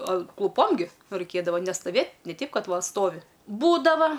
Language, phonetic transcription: Lithuanian, kluˈpom gi ˈraikėdava nestaˈvėt' ne ˈteip ˈkad ˈva ˈstovi ˈbūdava

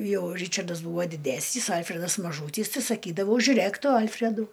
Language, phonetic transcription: Lithuanian, ˈjau ˈryčardas ˈbūvo diˈdesnys ˈalfredas maˈžūtys tai saˈkydavau žiuˈrėk ˈtu ˈalfredu

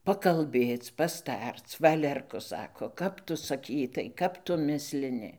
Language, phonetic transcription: Lithuanian, pakalˈbėc pasˈtarc ˈvalerku ˈsako ˈkap tu saˈkytai ˈkap tu ˈmislini

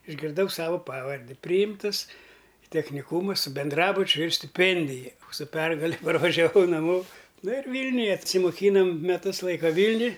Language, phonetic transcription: Lithuanian, išgirˈdau ˈsava ˈpavardi ˈpryjimtɨs i techniˈkūma su benˈdrabučiu ir stiˈpendija su ˈpergale parvažiaˈvau naˈmo ˈnu ir ˈvylniuje atsimoˈkynom meˈtus ˈlaika ˈvylniuj

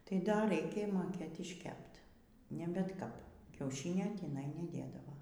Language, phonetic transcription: Lithuanian, tai dar ˈraikė moˈkėt išˈkept ne bet ˈkap kiauˈšinio tįˈnai neˈdėdavo

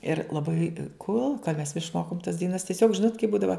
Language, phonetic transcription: Lithuanian, ir laˈbai ˈkol mes išˈmokom tas daiˈnas tieˈsiog ˈžinot kai ˈbūdava

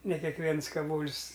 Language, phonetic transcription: Lithuanian, ne kekˈviens kaˈvol's'

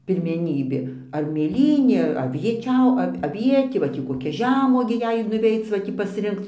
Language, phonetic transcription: Lithuanian, pirmeˈnybė ar mėˈlynė ar avieˈčiau ˈav' aˈvietė va ˈtį koˈkia ˈžemuogė ˈjei ir nuˈveic va ˈtį pasˈrinkc

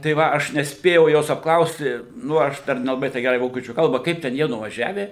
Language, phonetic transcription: Lithuanian, tai ˈva aš nesˈpėjau ˈjos apkˈlausti ˈnu aš per ˈnelabai tei ˈgerai ˈvokiečių ˈkalba ˈkaip ten jie nuvaˈžiave

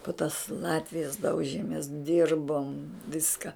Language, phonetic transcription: Lithuanian, pu tas ˈlatvijas ˈdaužėmės ˈdirbom ˈviska

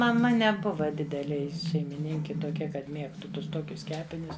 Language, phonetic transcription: Lithuanian, maˈma neˈbuva ˈdidelė ˈji šeimiˈninki tuoˈkia kad ˈmiegtu ˈtus ˈtokius ˈkepinius

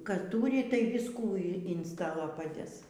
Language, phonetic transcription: Lithuanian, ˈką ˈtūri tai ˈviskų in in ˈstalo paˈdės

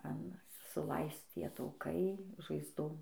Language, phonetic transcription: Lithuanian, an suˈlaisc ˈtie tauˈkai žaizˈdom

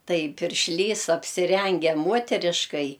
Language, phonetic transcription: Lithuanian, ˈtai piršˈlys apsiˈrenge ˈmuoteriškai

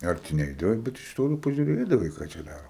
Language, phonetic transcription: Lithuanian, ˈarti ˈneidavai bet iš ˈtolo pažiuˈrėdavai ˈką čia ˈdaro

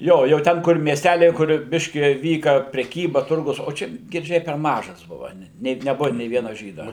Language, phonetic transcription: Lithuanian, ˈjo jau ˈten kur mieˈstæliai kur ˈbiški ˈvyka preˈkyba ˈturgus o ˈčia girˈdžiai per ˈmažas ˈbuva net neˈbuva nė ˈviena ˈžyda

